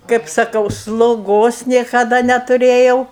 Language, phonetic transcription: Lithuanian, kaip saˈkau sloˈgos niekaˈda netuˈrėjau

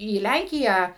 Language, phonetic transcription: Lithuanian, į ˈlænkiją

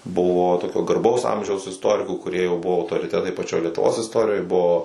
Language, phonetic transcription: Lithuanian, ˈbuvo ˈtokio garˈbaus ˈamžiaus isˈtorikų kuˈrie jau ˈbuvo autoriˈtetai paˈčioj lietuˈvos isˈtorijoj ˈbuo

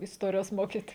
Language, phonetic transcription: Lithuanian, isˈtorijos ˈmokyt'

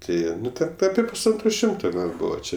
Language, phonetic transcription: Lithuanian, ˈtai ˈnu ten ˈapie pusˈantro ˈšimto ˈgal ˈbūva ˈčia

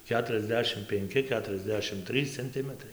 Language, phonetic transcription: Lithuanian, ˌketuriasˈdešim penˈki ˌketuriasˈdešim ˈtrys cenˈtimətrai

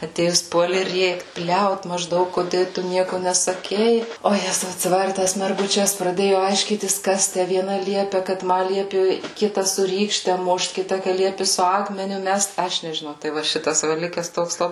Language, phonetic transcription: Lithuanian, aˈtėjus ˈpuoli ˈrėkt ˈbliaut mažˈdaug kuˈdė ˈtu ˈnieku nesaˈkei o ˈjezau atsiˈvari ˈtas merguˈčes praˈdėju aišˈkytis ˈkas tæ vieˈna ˈliepe kad ˈma ˈliepi ˈkita su ˈrykšte ˈmušt ˈkita ka ˈliepi su ˈakmeniu ˈmest ˈaš nežiˈnau tai ˈva ˈšitas ˈva ˈlikes ˈtoks laˈbai

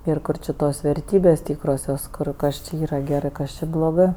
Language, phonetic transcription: Lithuanian, ir ˈkur či ˈtos verˈtybės' ˈtykrosios ˈkur ˈkas či ˈyra geˈrɜ ˈkas čia bloˈgɜ

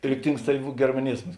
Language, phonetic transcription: Lithuanian, ˈriktings tai germaˈnizmas

